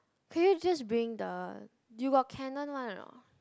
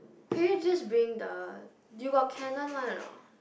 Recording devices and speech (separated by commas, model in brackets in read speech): close-talking microphone, boundary microphone, conversation in the same room